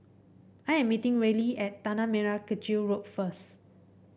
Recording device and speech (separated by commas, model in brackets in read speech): boundary microphone (BM630), read sentence